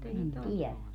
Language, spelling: Finnish, en tiedä
- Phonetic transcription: en "tiɛlä .

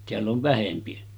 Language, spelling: Finnish, täällä on vähempi
- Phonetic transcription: teäll ‿ov 'vähempi .

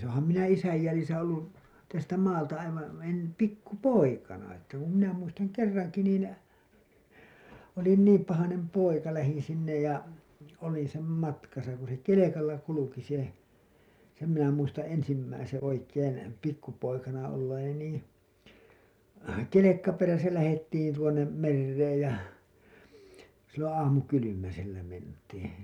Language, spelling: Finnish, olenhan minä isän jäljissä ollut tästä maalta aivan - pikku poikana että kun minä muistan kerrankin niin olin niin pahainen poika lähdin sinne ja olin sen matkassa kun se kelkalla kulki se sen minä muistan ensimmäisen oikein pikkupoikana olleeni niin kelkka perässä lähdettiin tuonne mereen ja silloin aamukylmäsellä mentiin
- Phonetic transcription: ooham minä 'isäj jälisä ollu , tästä 'maalta 'aivaa̰ en- , 'pikku "poikana että , ku minä muistaŋ 'kerraŋki niin , olin 'niim pahanem poika , lähin sinnej ja , olin̬ sem 'matkasa ku se "kelekalla 'kuluki se , sem minä muistaa̰ ensimmäiseḛ oikeen , pikkupoikana olleeni nii , "kelekka 'peräsä lähettiin tuoǹem , 'merreej ja , silloo̰ 'aamukylymäsellä mentiiN .

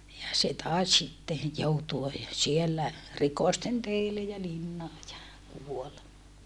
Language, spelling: Finnish, ja se taisi sitten joutua siellä rikosten teille ja linnaan ja kuoli
- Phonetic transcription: ja se tài̮s sitte , joutua , siellä , rikɔsten teille ja linnaa ja , kuol .

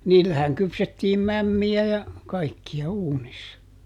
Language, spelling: Finnish, niillähän kypsättiin mämmiä ja kaikkia uunissa
- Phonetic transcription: ˈniillähäŋ ˈkypsettiim "mämmi₍ä ja , ˈkaikki₍a "uunissa .

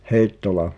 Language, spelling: Finnish, Heittola
- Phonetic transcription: Hèi̬ttola ?

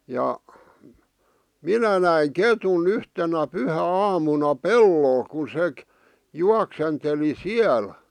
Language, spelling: Finnish, ja minä näin ketun yhtenä pyhäaamuna pellolla kun se juoksenteli siellä
- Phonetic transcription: ja , "minä näi "ketu'n ‿yhtenä 'pyhä'aamuna "pellol kun 'sek- , 'juaksenteli "siäl .

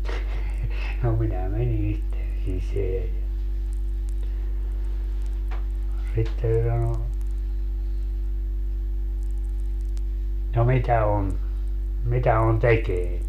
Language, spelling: Finnish, no minä menin sitten sisään ja sitten se sanoi no no mitä on mitä on tekeillä
- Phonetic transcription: » no 'minä "meni sitten 'siseä ja , 'sitte se 'sano » no , no 'mitä 'on , 'mitä on "tekeil ?

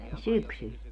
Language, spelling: Finnish, syksyllä
- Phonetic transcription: "syksyl .

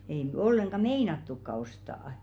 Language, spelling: Finnish, ei nyt ollenkaan meinattukaan ostaa
- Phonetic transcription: ei ⁿʸ 'olleŋɢa "meinattukka 'ostaa₍ᵃ .

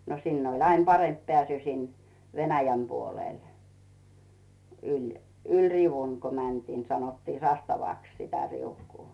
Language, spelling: Finnish, no sinne oli aina parempi pääsy sinne Venäjän puolelle yli yli riu'un kun mentiin sanottiin sastavaksi sitä riukua
- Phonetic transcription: no 'sinn ‿oĺ ‿ain 'paremp pᵉä̀sy 'sin , "Venäjäm 'puolèl , yĺ , yĺ "rivuŋ ku 'mäntii , 'sanottii "sastavàks sitä 'riukuu .

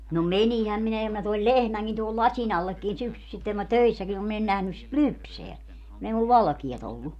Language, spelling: Finnish, no meninhän minä ja minä toin lehmänkin tuohon lasin allekin syksyisin kun minä töissäkin olin minä en nähnyt sitä lypsää kun ei minulla valkeaa ollut
- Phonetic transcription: no "menihäm minä ja mä toil "lehmäŋkin tohol "laśin ‿allekkin 'syksysitteŋ ku mä "töissäkin ‿om min ‿en 'nähnys sit "lypseä , kun ‿ei mul "valᵃkia't ‿ollu .

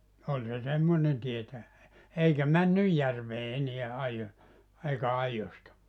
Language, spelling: Finnish, oli se semmoinen tietäjä eikä mennyt järveen enää - eikä aidoista
- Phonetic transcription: 'oĺ se 'semmonen 'tietäʲä , 'eikä "männyj järvee 'eneä 'aijo- , eikä 'aijosta .

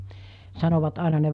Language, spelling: Finnish, sanovat aina ne vanhat ihmiset että -
- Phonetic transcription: 'sanovat 'àena ne 'vanhat ihmiset että 'nykyse- .

